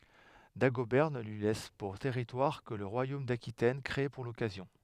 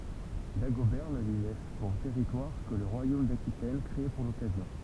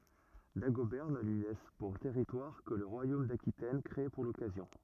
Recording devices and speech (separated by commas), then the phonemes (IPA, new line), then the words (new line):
headset microphone, temple vibration pickup, rigid in-ear microphone, read sentence
daɡobɛʁ nə lyi lɛs puʁ tɛʁitwaʁ kə lə ʁwajom dakitɛn kʁee puʁ lɔkazjɔ̃
Dagobert ne lui laisse pour territoire que le royaume d'Aquitaine, créé pour l'occasion.